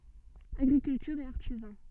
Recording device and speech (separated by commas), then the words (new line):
soft in-ear microphone, read sentence
Agriculture et artisans.